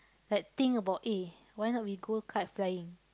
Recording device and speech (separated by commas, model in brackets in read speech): close-talking microphone, conversation in the same room